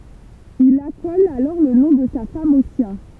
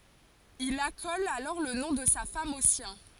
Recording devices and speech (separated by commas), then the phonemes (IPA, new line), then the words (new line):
temple vibration pickup, forehead accelerometer, read sentence
il akɔl alɔʁ lə nɔ̃ də sa fam o sjɛ̃
Il accole alors le nom de sa femme au sien.